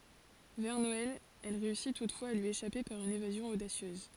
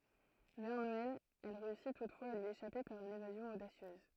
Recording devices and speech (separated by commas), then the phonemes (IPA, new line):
forehead accelerometer, throat microphone, read sentence
vɛʁ nɔɛl ɛl ʁeysi tutfwaz a lyi eʃape paʁ yn evazjɔ̃ odasjøz